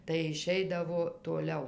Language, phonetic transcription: Lithuanian, tai iˈšeidavo toˈliau

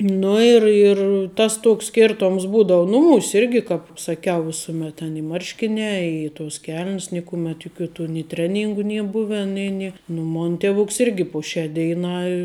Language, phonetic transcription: Lithuanian, ˈnu ir ir tas ˈtoks ˈskertoms ˈbūdou ˈnuˌmūs' ˈirgi ˈkāp saˈkiau ˈvisumet ten i ˈmarškiniā ˈi tos kel'n's ˈnikumet juˈkių tų ni ˈtreˌnyngu ˈnie ˈbuven ˈnė ni nu ˈmon ˈtevuks ˈirgi po ˈšiā ˈdeiˌnā

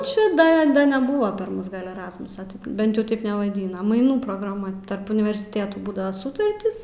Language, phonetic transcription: Lithuanian, ˈči ˈda ˈda neˈbuva par ˈmus gal' eˈrasmusa ˈbent jau ˈtaip nevaˈdyna maiˈnų prograˈma tarp universiˈtėtų ˈbūdava ˈsutartys

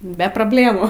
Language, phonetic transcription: Lithuanian, be probˈlėmų

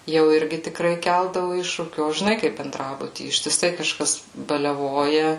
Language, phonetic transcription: Lithuanian, jau ˈirgi tikˈrai ˈkeldavu ˈiššūkių o žiˈnai kaip benˈdrabuty ištiˈsai kaˈžkas baliaˈvoja

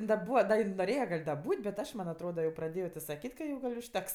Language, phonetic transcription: Lithuanian, in da ˈbūva ˈda in noˈrėje gal' da ˈbūt' bet ˈaš man' atˈroda jau praˈdėjo ti saˈkyt' ka ˈjau užˈteks

